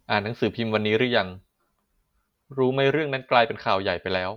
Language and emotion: Thai, neutral